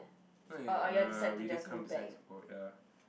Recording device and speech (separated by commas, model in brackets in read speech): boundary microphone, conversation in the same room